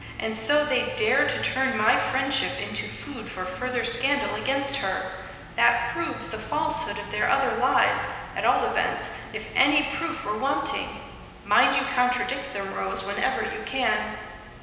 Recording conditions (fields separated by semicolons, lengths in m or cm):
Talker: one person; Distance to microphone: 1.7 m; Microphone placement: close; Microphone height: 1.0 m; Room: very reverberant, large; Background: music